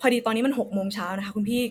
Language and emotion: Thai, frustrated